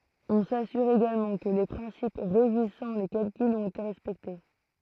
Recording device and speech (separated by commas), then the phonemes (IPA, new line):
throat microphone, read sentence
ɔ̃ sasyʁ eɡalmɑ̃ kə le pʁɛ̃sip ʁeʒisɑ̃ le kalkylz ɔ̃t ete ʁɛspɛkte